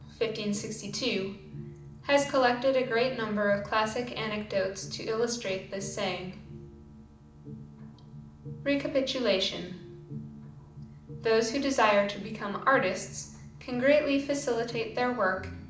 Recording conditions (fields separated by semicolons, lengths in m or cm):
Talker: one person; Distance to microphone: 2.0 m; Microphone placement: close; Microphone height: 99 cm; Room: medium-sized (5.7 m by 4.0 m); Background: music